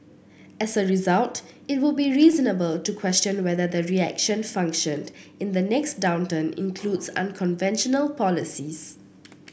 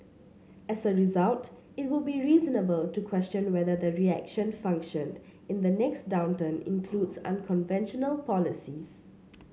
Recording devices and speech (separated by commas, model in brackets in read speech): boundary microphone (BM630), mobile phone (Samsung C7), read sentence